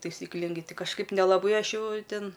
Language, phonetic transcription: Lithuanian, taisykˈlingai ˈtai kažˈkaip nelaˈbai ˈaš ˈjau ˈtin

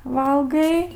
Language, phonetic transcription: Lithuanian, ˈvalgai

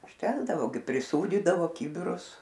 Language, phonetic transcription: Lithuanian, užˈtekdavo gi priˈsūdydavo ˈkybirus

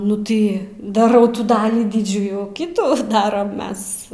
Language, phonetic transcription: Lithuanian, nu ˈtai daˈrau ˈtų ˈdalį ˈdidžiųjų ˈkitų ˈdaram ˈmes

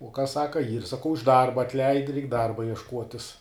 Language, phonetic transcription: Lithuanian, uo kas ˈsaka yr saˈkau iš ˈdarba atˈleid reik ˈdarba iešˈkuotis

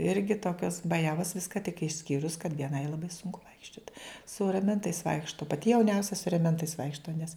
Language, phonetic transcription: Lithuanian, ˈirgi ˈtokios baˈjavos ˈviska tik išˈskyrus kad vieˈnai laˈbai ˈsunku ˈvaikščiot su raˈmentais ˈvaikšto paˈti jauˈniausia su reˈmentais ˈvaikšto nes

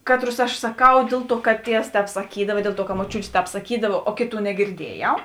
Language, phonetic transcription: Lithuanian, ˈkatˌrus aš saˈkau ˈdėl ˌtuo kad ˈtievs ˈtēp saˈkydava i ˈdėl ˌtuo ka moˈčiūtė ˈtēp saˈkydava o ˈkėˌtų negirˈdiejau

